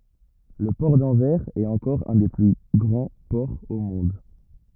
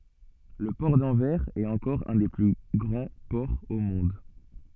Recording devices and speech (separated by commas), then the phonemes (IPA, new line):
rigid in-ear microphone, soft in-ear microphone, read sentence
lə pɔʁ dɑ̃vɛʁz ɛt ɑ̃kɔʁ œ̃ de ply ɡʁɑ̃ pɔʁz o mɔ̃d